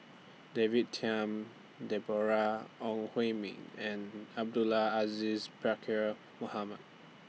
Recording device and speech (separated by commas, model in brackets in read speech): mobile phone (iPhone 6), read sentence